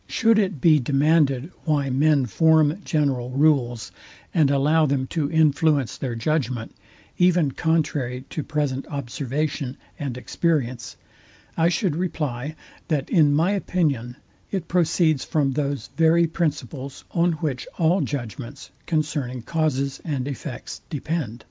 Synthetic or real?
real